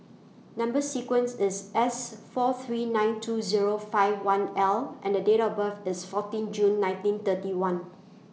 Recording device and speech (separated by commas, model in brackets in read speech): mobile phone (iPhone 6), read sentence